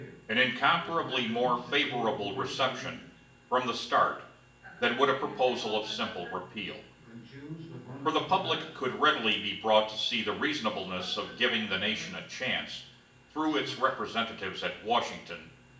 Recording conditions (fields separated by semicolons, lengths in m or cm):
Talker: one person; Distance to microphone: 1.8 m; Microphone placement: close; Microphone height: 1.0 m; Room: large; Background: television